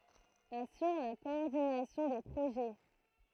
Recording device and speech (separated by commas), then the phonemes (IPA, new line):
throat microphone, read sentence
asyʁ la kɔɔʁdinasjɔ̃ de pʁoʒɛ